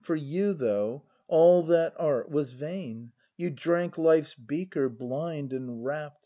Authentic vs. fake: authentic